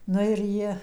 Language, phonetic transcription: Lithuanian, ˈnu ir ˈji

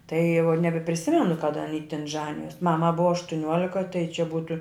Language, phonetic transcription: Lithuanian, tai jau nebepriˈsimenu kaˈda aˈny tin ˈžanijos ˈmama ˈbuva aštuˈniuolika tai čia ˈbūtu

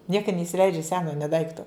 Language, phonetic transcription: Lithuanian, ˈnieka neisiˈleidžia ˈseno nė ˈdaikto

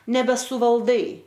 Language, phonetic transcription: Lithuanian, nebesuvalˈdai

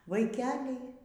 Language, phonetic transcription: Lithuanian, vaiˈkeliai

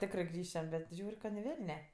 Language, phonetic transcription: Lithuanian, ˈtekrɜ ˈgrįšiam bet ˈžiūr' ka ni ˈvelne

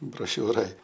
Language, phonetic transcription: Lithuanian, broˈšiūroj

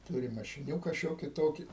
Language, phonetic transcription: Lithuanian, ˈtūrim mašiˈniūka ˈšioki ˈtoki

